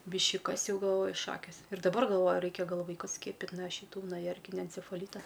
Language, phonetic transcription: Lithuanian, ˈbiški ˈkas ˈjau galˈvoju ˈšakės ir daˈbar galˈvoju ˈraikia ˈgal ˈvaikus ˈskiepit' no šiˈtų nuo ˈjerkinia encefaˈlyta

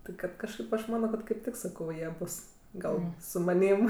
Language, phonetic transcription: Lithuanian, ti ˈkad kažˈkaip aš ˈmano kad kaip ˈtik saˈkau ˈjie ˈbus ˈgal su maˈnym

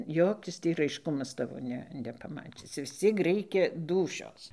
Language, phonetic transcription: Lithuanian, ˈjokis tį raišˈkumas ˈtavo ˈne nepaˈmačis vis ˈciek ˈreikia ˈdūšios

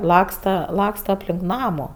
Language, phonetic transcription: Lithuanian, ˈlaksta ˈlaksta apˈlink ˈnamu

